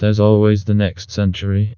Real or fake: fake